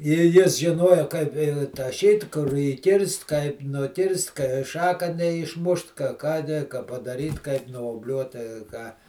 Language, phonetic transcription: Lithuanian, i ˈjis žiˈnojo kaip i taˈšyt kur įˈkirst kaip nuˈkirst kai ˈšaka neišˈmušt ka ką ne ka padaˈryt kaip nuobˈliuot tai ˈką

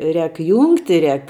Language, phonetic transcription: Lithuanian, ˈrēk ˈjūngti ˈrēk

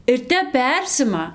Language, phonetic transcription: Lithuanian, ir ˈtep ˈpersima

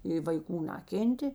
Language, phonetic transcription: Lithuanian, i vaiˈkų ˈnakėntė

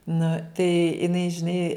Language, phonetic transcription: Lithuanian, nu tai iˈnai žiˈnai

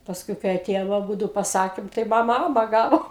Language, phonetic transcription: Lithuanian, paˈskui kai aˈtėjom aˈbūdu paˈsakėm tai ˈmama ˈama ˈgavo

